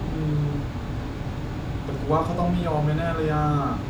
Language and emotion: Thai, frustrated